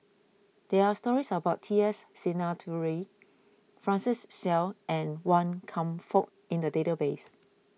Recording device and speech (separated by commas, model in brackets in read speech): mobile phone (iPhone 6), read sentence